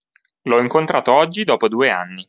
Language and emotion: Italian, neutral